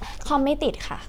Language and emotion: Thai, neutral